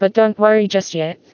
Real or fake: fake